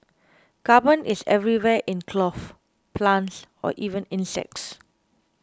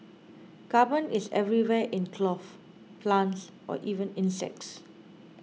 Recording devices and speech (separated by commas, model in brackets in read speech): close-talking microphone (WH20), mobile phone (iPhone 6), read sentence